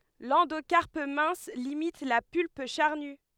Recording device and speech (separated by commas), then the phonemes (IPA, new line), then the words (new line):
headset microphone, read sentence
lɑ̃dokaʁp mɛ̃s limit la pylp ʃaʁny
L'endocarpe mince limite la pulpe charnue.